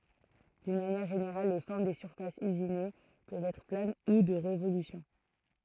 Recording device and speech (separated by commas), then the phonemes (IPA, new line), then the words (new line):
throat microphone, read sentence
dyn manjɛʁ ʒeneʁal le fɔʁm de syʁfasz yzine pøvt ɛtʁ plan u də ʁevolysjɔ̃
D'une manière générale, les formes des surfaces usinées peuvent être planes ou de révolution.